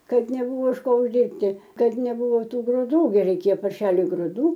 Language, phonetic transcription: Lithuanian, ˈkad neˈbūvo iš ˈko užˈdyrbti ˈkad neˈbūvo ˈtų gruˈdų ˈgi reiˈkėjo parˈšeliui gruˈdų

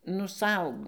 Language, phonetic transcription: Lithuanian, nu ˈsau

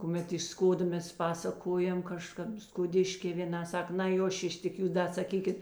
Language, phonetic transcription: Lithuanian, kuˈmet iš ˈskodo ˈmes ˈpasakojam kaˈžkap skoˈdiškė vėˈna ˈsak nai ˈjo ˈšiš tik ˈjūs ˈda saˈkykit

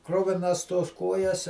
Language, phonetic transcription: Lithuanian, ˈkruvinas tos ˈkojas

